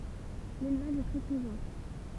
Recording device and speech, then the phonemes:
temple vibration pickup, read sentence
lelvaʒ ɛ tʁɛ pʁezɑ̃

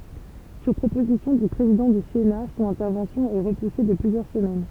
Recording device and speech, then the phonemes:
temple vibration pickup, read sentence
syʁ pʁopozisjɔ̃ dy pʁezidɑ̃ dy sena sɔ̃n ɛ̃tɛʁvɑ̃sjɔ̃ ɛ ʁəpuse də plyzjœʁ səmɛn

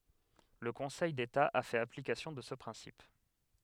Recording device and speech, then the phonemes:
headset microphone, read sentence
lə kɔ̃sɛj deta a fɛt aplikasjɔ̃ də sə pʁɛ̃sip

